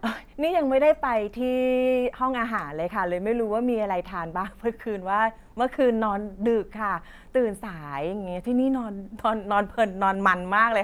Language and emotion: Thai, happy